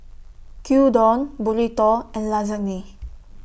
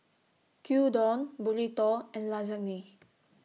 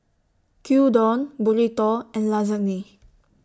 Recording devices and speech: boundary microphone (BM630), mobile phone (iPhone 6), standing microphone (AKG C214), read sentence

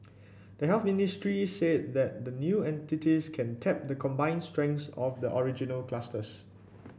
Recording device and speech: boundary microphone (BM630), read sentence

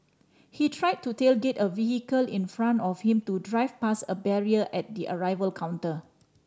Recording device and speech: standing microphone (AKG C214), read sentence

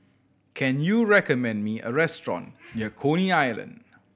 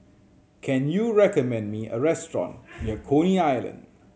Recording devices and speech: boundary microphone (BM630), mobile phone (Samsung C7100), read sentence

